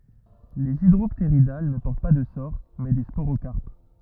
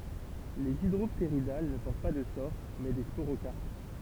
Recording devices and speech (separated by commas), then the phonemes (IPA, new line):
rigid in-ear microphone, temple vibration pickup, read sentence
lez idʁɔptʁidal nə pɔʁt pa də soʁ mɛ de spoʁokaʁp